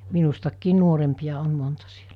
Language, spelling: Finnish, minustakin nuorempia on monta silloin
- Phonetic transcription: 'min̬ustakkiin 'nuorempiʲa on monta sɪᴇʟᴀ̈ .

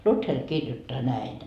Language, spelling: Finnish, Luther kirjoittaa näin
- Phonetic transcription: 'Luther 'kirjottaa näin .

